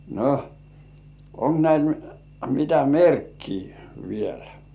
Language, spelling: Finnish, no onko näillä mitä merkkiä vielä
- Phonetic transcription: no , » 'oŋk näil mitä "merkkii vielä « .

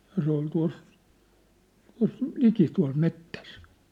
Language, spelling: Finnish, ja se oli tuossa tuossa liki tuolla metsässä
- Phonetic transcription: ja se ‿ol tua̭s , tua̭s , "liki tua̭l 'mettäs .

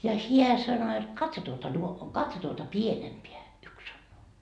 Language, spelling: Finnish, ja hän sanoi että katso tuota - katso tuota pienempää yksi sanoo
- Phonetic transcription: ja "hiä sano et , » 'katso tuota nuo- , 'katso tuota "pienempeä » , 'yks sannoo .

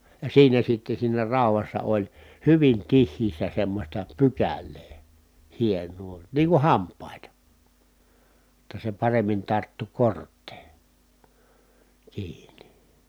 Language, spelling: Finnish, ja siinä sitten siinä raudassa oli hyvin tiheässä semmoista pykälää hienoa niin kuin hampaita jotta se paremmin tarttui korteen kiinni
- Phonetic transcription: ja siinä sitte siinä ràu̬vassa oĺ , hyvin tih̆hiissä semmośta pykäl̆lee , hieǹuu , nii kuh hamp̆pàita , [jot]ta se paremmin tarttu korttee , kiini .

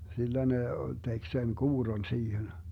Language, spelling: Finnish, sillä ne teki sen kuurron siihen
- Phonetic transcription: 'sillä ne , 'tek sen "kuurron 'siihen .

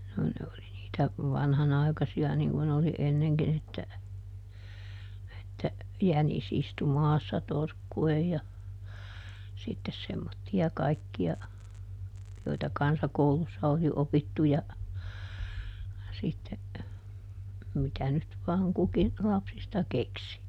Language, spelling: Finnish, no ne oli niitä vanhanaikaisia niin kuin oli ennenkin että että jänis istui maassa torkkuen ja sitten semmoisia kaikkia joita kansakoulussa oli opittu ja sitten mitä nyt vain kukin lapsista keksi
- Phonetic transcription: no ne oli niitä , ˈvanhanai̮kasi₍a ˈniŋ kun oli ˈenneŋkin ‿että , että , » "jänis ˈistu ˈmaassa ˈtorkku₍ej » ja , sittes ˈsemmotti₍a ˈkaikki₍a , joita "kansakoulussa oli ˈopittu ja , sitte , ˈmitä nyt vaaŋ ˈkuki , ˈlapsista "keksi .

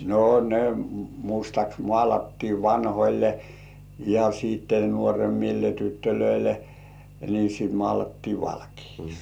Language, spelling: Finnish, no ne mustaksi maalattiin vanhoille ja sitten nuoremmille tytöille niin sitten maalattiin valkeaksi
- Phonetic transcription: no ne 'mustaks "mŏàlattii "vanhoĺle , ja siitte 'nuoremmille tyttölöile , ni sit 'mŏàlattii 'valkiiks .

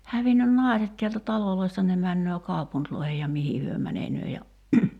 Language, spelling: Finnish, hävinnyt naiset täältä taloista ne menee kaupunkeihin ja mihin he menevät ja
- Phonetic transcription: 'hävinnyn "nài̬set tiältä 'taloloi̬sta ne 'männöö "kaupuntloihej ja "mihi hyö 'mänenöö ja ,.

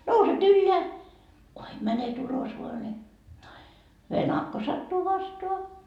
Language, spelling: Finnish, nouset ylös kuinka menet ulos vain niin venakko sattuu vastaan
- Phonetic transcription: 'nouset "ylleä , kuim mänet 'ulos voa ne , "venakko sattuu 'vastoa .

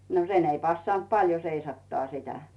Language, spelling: Finnish, no sen ei passannut paljon seisattaa sitä
- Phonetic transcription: no "sen ‿ei 'passant "paljo 'seisattaa sitä .

